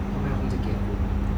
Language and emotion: Thai, frustrated